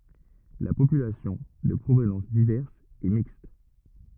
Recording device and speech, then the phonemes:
rigid in-ear microphone, read sentence
la popylasjɔ̃ də pʁovnɑ̃s divɛʁs ɛ mikst

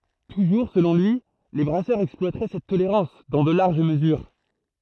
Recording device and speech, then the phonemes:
throat microphone, read sentence
tuʒuʁ səlɔ̃ lyi le bʁasœʁz ɛksplwatʁɛ sɛt toleʁɑ̃s dɑ̃ də laʁʒ məzyʁ

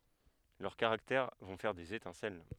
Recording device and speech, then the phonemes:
headset microphone, read sentence
lœʁ kaʁaktɛʁ vɔ̃ fɛʁ dez etɛ̃sɛl

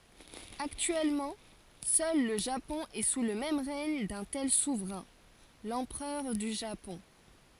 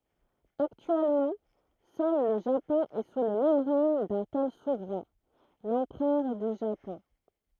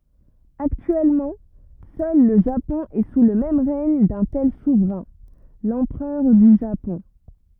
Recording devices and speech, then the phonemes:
forehead accelerometer, throat microphone, rigid in-ear microphone, read sentence
aktyɛlmɑ̃ sœl lə ʒapɔ̃ ɛ su lə ʁɛɲ dœ̃ tɛl suvʁɛ̃ lɑ̃pʁœʁ dy ʒapɔ̃

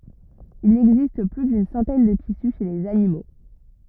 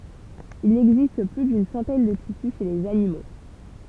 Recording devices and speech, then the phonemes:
rigid in-ear microphone, temple vibration pickup, read sentence
il ɛɡzist ply dyn sɑ̃tɛn də tisy ʃe lez animo

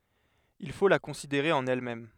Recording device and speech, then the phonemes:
headset microphone, read sentence
il fo la kɔ̃sideʁe ɑ̃n ɛlmɛm

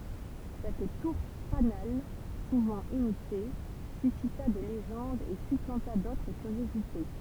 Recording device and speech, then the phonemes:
temple vibration pickup, read sentence
sɛt tuʁ fanal suvɑ̃ imite sysita de leʒɑ̃dz e syplɑ̃ta dotʁ kyʁjozite

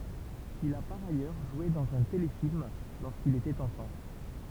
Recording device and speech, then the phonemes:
temple vibration pickup, read sentence
il a paʁ ajœʁ ʒwe dɑ̃z œ̃ telefilm loʁskil etɛt ɑ̃fɑ̃

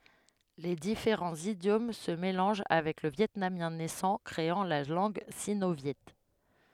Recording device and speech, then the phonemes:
headset microphone, read sentence
le difeʁɑ̃z idjom sə melɑ̃ʒ avɛk lə vjɛtnamjɛ̃ nɛsɑ̃ kʁeɑ̃ la lɑ̃ɡ sino vjɛ

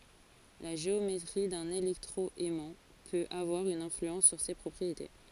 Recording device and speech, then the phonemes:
forehead accelerometer, read sentence
la ʒeometʁi dœ̃n elɛktʁo ɛmɑ̃ pøt avwaʁ yn ɛ̃flyɑ̃s syʁ se pʁɔpʁiete

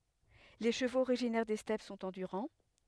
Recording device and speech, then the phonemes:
headset microphone, read sentence
le ʃəvoz oʁiʒinɛʁ de stɛp sɔ̃t ɑ̃dyʁɑ̃

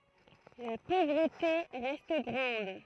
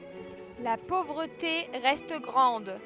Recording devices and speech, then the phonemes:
throat microphone, headset microphone, read sentence
la povʁəte ʁɛst ɡʁɑ̃d

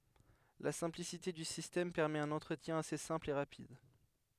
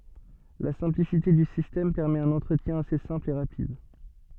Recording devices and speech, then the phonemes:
headset microphone, soft in-ear microphone, read sentence
la sɛ̃plisite dy sistɛm pɛʁmɛt œ̃n ɑ̃tʁətjɛ̃ ase sɛ̃pl e ʁapid

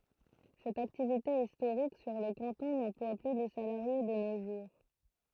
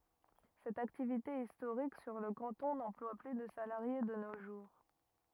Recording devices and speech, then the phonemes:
throat microphone, rigid in-ear microphone, read sentence
sɛt aktivite istoʁik syʁ lə kɑ̃tɔ̃ nɑ̃plwa ply də salaʁje də no ʒuʁ

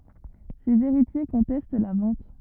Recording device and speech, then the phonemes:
rigid in-ear microphone, read sentence
sez eʁitje kɔ̃tɛst la vɑ̃t

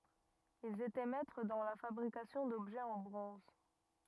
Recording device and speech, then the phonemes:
rigid in-ear microphone, read sentence
ilz etɛ mɛtʁ dɑ̃ la fabʁikasjɔ̃ dɔbʒɛz ɑ̃ bʁɔ̃z

